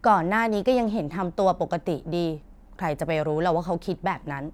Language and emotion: Thai, frustrated